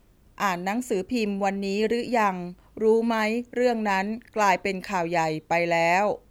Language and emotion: Thai, neutral